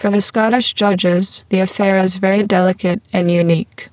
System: VC, spectral filtering